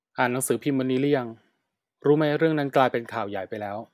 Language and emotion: Thai, neutral